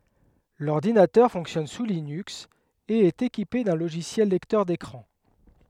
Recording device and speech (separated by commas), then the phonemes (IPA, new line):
headset microphone, read sentence
lɔʁdinatœʁ fɔ̃ksjɔn su linyks e ɛt ekipe dœ̃ loʒisjɛl lɛktœʁ dekʁɑ̃